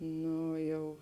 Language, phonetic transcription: Lithuanian, ˈno ˈjau

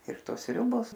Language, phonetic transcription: Lithuanian, ir ˈtos ˈsriubos

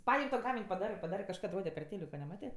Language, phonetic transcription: Lithuanian, ˈpaim' to ˈgamin' paˈdarɜ paˈdarɜ kažˈkad ˈrode per ˈtėliko neˈmatė

